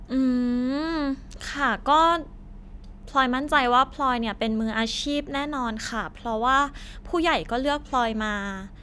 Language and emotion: Thai, happy